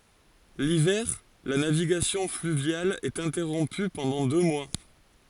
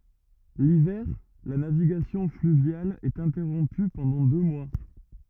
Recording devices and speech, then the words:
forehead accelerometer, rigid in-ear microphone, read sentence
L'hiver, la navigation fluviale est interrompue pendant deux mois.

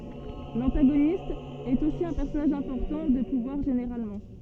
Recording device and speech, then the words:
soft in-ear microphone, read sentence
L'antagoniste est aussi un personnage important, de pouvoir généralement.

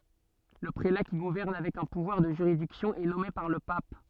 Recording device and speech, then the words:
soft in-ear microphone, read sentence
Le prélat qui gouverne avec un pouvoir de juridiction est nommé par le pape.

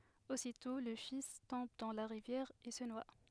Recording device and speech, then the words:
headset microphone, read sentence
Aussitôt le fils tombe dans la rivière et se noie.

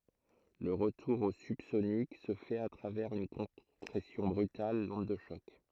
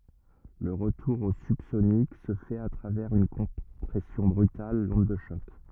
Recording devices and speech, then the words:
throat microphone, rigid in-ear microphone, read sentence
Le retour au subsonique se fait à travers une compression brutale, l'onde de choc.

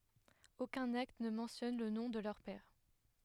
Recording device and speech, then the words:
headset microphone, read sentence
Aucun acte ne mentionne le nom de leur père.

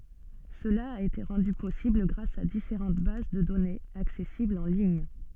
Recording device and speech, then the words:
soft in-ear microphone, read sentence
Cela a été rendu possible grâce à différentes bases de données, accessibles en lignes.

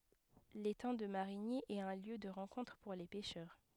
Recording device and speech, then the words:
headset microphone, read sentence
L'étang de Marigny est un lieu de rencontre pour les pêcheurs.

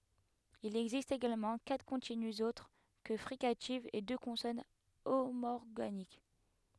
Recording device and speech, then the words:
headset microphone, read sentence
Il existe également quatre continues autres que fricatives et deux consonnes homorganiques.

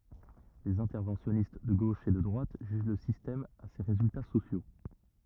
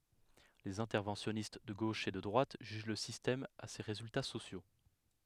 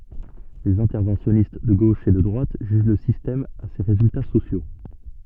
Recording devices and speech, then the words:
rigid in-ear microphone, headset microphone, soft in-ear microphone, read sentence
Les interventionnistes de gauche et de droite jugent le système à ses résultats sociaux.

